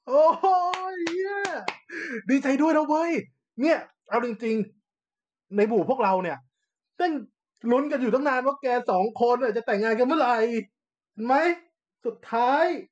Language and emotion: Thai, happy